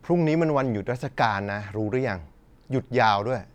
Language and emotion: Thai, frustrated